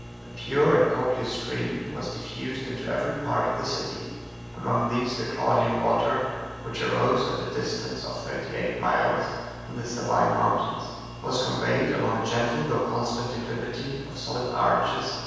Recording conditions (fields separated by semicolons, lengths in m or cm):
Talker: one person; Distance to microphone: 7.1 m; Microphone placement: far; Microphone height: 1.7 m; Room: very reverberant, large; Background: none